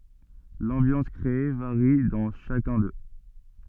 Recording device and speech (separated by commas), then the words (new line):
soft in-ear microphone, read sentence
L'ambiance créée varie dans chacun d'eux.